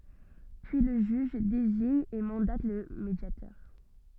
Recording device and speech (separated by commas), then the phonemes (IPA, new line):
soft in-ear microphone, read sentence
pyi lə ʒyʒ deziɲ e mɑ̃dat lə medjatœʁ